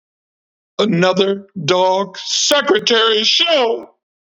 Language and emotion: English, sad